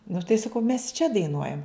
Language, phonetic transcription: Lithuanian, nu tai saˈkau mes čia daiˈnuojam

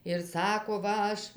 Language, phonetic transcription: Lithuanian, ir ˈsako ˈva ˈaš

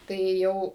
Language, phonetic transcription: Lithuanian, ˈtai ˈjau

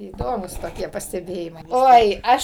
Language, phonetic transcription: Lithuanian, įˈdomūs toˈkie pasteˈbėjimai ˈoi ˈaš

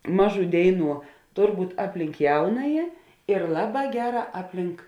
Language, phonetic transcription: Lithuanian, ˈmaˌžų ˈdėiˌnų ˈtor ˈbūt' ˈapˌlink ˈjaunaji ir ˈlaˌbā ˈgeˌrā ˈapˌlink

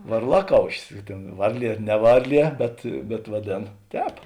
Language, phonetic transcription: Lithuanian, varˈlaˌkaušis i ˈtėn ˈvarˌlie ˈne ˈvarˌlie bet bet vaˈdėn ˈtēp

